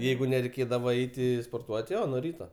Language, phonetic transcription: Lithuanian, ˈjeigu nereiˈkėdava ˈeiti sporˈtuot' ˈjo nuo ˈryta

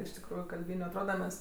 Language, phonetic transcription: Lithuanian, iš tikˈrųju kalˈbyniu atˈroda ˈmes

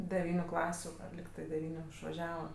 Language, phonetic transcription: Lithuanian, deˈvyniu ˈklasiu ˈar likˈtɜ deˈvyniu išvaˈžiava

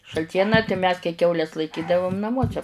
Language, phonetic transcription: Lithuanian, šalˈtieną tai mes kai ˈkiaules laiˈkydavum naˈmuose

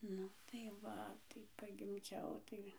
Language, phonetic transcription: Lithuanian, ˈnu tai ˈva tai pagimˈdžiau ˈtai

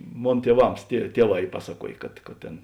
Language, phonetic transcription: Lithuanian, ˈmon tieˈvams tie ˈtieˌvā ˈy ˈpasaˌkuojė kad kad ˈtėn

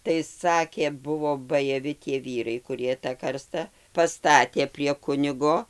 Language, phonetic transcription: Lithuanian, tai ˈsakė ˈbuvo bajaˈvi tie ˈvyrai kuˈrie ta ˈkarsta paˈstatė prie ˈkunigo

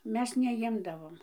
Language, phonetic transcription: Lithuanian, ˈmes neˈjimdavom

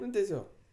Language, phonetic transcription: Lithuanian, ˈnu teˈsiog

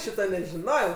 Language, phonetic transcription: Lithuanian, ˈšyta nežiˈnojau

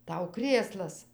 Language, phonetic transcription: Lithuanian, ˈtau ˈkrėslas

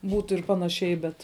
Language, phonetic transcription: Lithuanian, ˈbūtu ir ˈpanaˌšiai bet

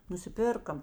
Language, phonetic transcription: Lithuanian, nusiˈpirka

